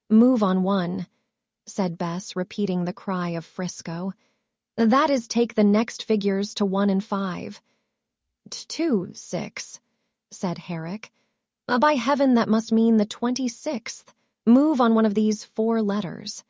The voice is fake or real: fake